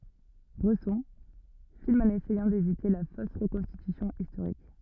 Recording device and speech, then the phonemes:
rigid in-ear microphone, read sentence
bʁɛsɔ̃ film ɑ̃n esɛjɑ̃ devite la fos ʁəkɔ̃stitysjɔ̃ istoʁik

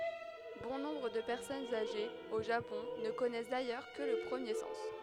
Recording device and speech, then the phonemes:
headset microphone, read sentence
bɔ̃ nɔ̃bʁ də pɛʁsɔnz aʒez o ʒapɔ̃ nə kɔnɛs dajœʁ kə lə pʁəmje sɑ̃s

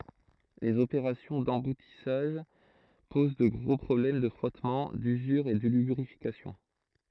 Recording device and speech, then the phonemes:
throat microphone, read sentence
lez opeʁasjɔ̃ dɑ̃butisaʒ poz də ɡʁo pʁɔblɛm də fʁɔtmɑ̃ dyzyʁ e də lybʁifikasjɔ̃

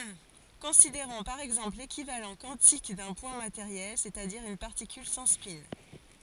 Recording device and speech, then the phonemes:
forehead accelerometer, read sentence
kɔ̃sideʁɔ̃ paʁ ɛɡzɑ̃pl lekivalɑ̃ kwɑ̃tik dœ̃ pwɛ̃ mateʁjɛl sɛstadiʁ yn paʁtikyl sɑ̃ spɛ̃

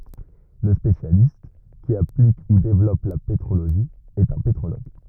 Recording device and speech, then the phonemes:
rigid in-ear microphone, read sentence
lə spesjalist ki aplik u devlɔp la petʁoloʒi ɛt œ̃ petʁoloɡ

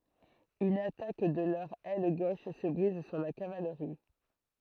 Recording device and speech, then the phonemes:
throat microphone, read sentence
yn atak də lœʁ ɛl ɡoʃ sə bʁiz syʁ la kavalʁi

